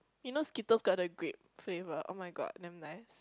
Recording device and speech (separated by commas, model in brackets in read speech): close-talking microphone, conversation in the same room